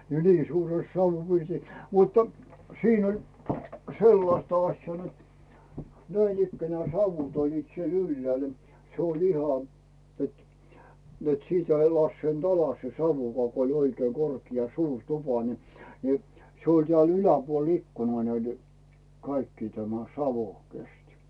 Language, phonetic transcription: Finnish, ja 'nii 'suures sauvvupirtis , muttᴀ , 'siin ‿oĺ , "sellaśta 'aśjaa net , 'näinikkänᵉä̀ 'sauvut oĺliit siel "yllᵉä̀l , 'se ‿oĺ iha et , net 'sìtä ei 'lasseint ‿'alas se 'sauvukaa ko oĺ oikee 'korkia 'suur "tupa ni , ni , se oĺ 'tᵉä̀l "yläpuol 'ikkunaa näitᴇ , 'kaikkii tämä , "savo̳ , 'kesti .
- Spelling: ja niin suuressa savupirtissä mutta siinä oli sellaista asiaa että näinikään savut olivat siellä ylhäällä se oli ihan että että sitä ei laskeutunut alas se savukaan kun oli oikein korkea suuri tupa niin niin se oli täällä yläpuolella ikkunaa näitä kaikkia tämä savu kesti

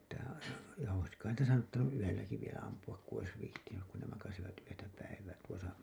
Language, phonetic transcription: Finnish, tähän aja- , ja ois ‿kain niitä saattanu’ '’yölläki vielä ampu₍ak ku ois 'vih§tinyk kun ne makasivat yötä päivää tuosa .
- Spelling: tähän - ja olisi kai niitä saattanut yölläkin vielä ampua kun olisi viitsinyt kun ne makasivat yötä päivää tuossa

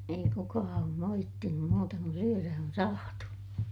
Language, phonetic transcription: Finnish, ei kukaa oom moittinum muuta kun syörä on saatu .
- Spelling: ei kukaan ole moittinut muuta kun syödä on saatu

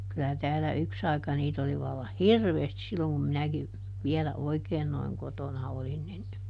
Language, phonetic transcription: Finnish, kylä täällä "yks ‿ai̮ka ˈniit ‿oli vallah "hirveestis silloŋ kum ˈminäki , ˈviɛlä "oikeen noiŋ ˈkotona ˈolin nin ,.
- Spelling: kyllä täällä yksi aika niitä oli vallan hirveästi silloin kun minäkin vielä oikein noin kotona olin niin

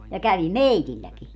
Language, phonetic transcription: Finnish, ja 'kävi "meitilläki .
- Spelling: ja kävi meilläkin

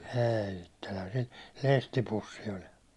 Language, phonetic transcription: Finnish, 'ɛɛ ittellä se , 'lestipussi oli .
- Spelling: ei itsellä se lestipussi oli

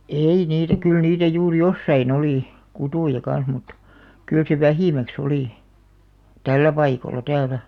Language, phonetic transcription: Finnish, èi niitä 'kyl 'niitä juur "jossai'n ‿olì , 'kutùja 'kan̬§s mut , 'kyl se "vähìmäk's ‿olì , "tällä 'paikola "täälä .
- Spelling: ei niitä kyllä niitä juuri jossakin oli kuttuja kanssa mutta kyllä se vähimmäksi oli tällä paikalla täällä

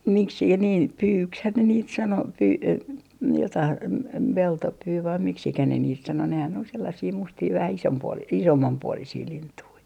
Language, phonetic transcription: Finnish, miksikä niin , "pyykshän ne niit 'sano , pyy- , 'jotaih , 'p - 'peltopyy vai 'miksikä ne niit sano nehän ‿ol sellasii 'mustii vähä 'isompuo- , "isommampuolisii 'lintui .
- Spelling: miksi niin pyyksihän ne niitä sanoi - jotakin - peltopyy vai miksi ne niitä sanoi nehän oli sellaisia mustia vähän - isommanpuoleisia lintuja

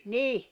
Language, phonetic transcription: Finnish, 'nih .
- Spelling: niin

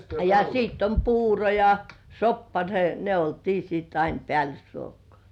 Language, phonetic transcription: Finnish, ja 'sìtt ‿om "puuro ja , "soppa , (ne) , 'ne oltii sitt ‿ein "pĕä̀lysruokŏ§à .
- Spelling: ja sitten on puuro ja soppa ne ne oltiin sitten aina päällysruokaa

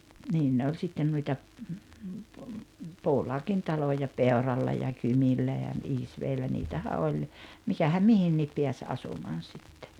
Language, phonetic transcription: Finnish, 'niin ne oĺ 'sitten nuita , 'puulaakin 'taloja "Peoralla ja "Kymillä ja , "Isveellä 'niitähä 'oĺ , 'mikähäm "mihinniip 'piäs "asumaan̬ sittᴇ .
- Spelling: niin ne oli sitten noita puulaakin taloja Peuralla ja Kymillä ja Iisvedellä niitähän oli mikähän mihinkin pääsi asumaan sitten

